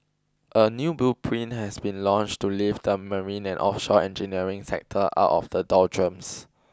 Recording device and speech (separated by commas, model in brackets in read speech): close-talking microphone (WH20), read sentence